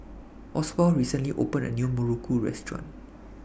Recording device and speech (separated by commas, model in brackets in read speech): boundary microphone (BM630), read sentence